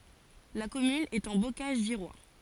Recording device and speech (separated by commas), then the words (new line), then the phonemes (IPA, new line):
forehead accelerometer, read sentence
La commune est en Bocage virois.
la kɔmyn ɛt ɑ̃ bokaʒ viʁwa